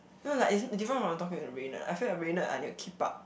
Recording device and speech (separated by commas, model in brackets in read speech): boundary microphone, conversation in the same room